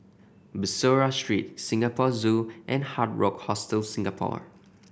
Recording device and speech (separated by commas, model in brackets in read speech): boundary microphone (BM630), read sentence